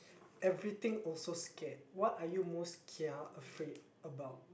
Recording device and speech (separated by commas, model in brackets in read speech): boundary microphone, conversation in the same room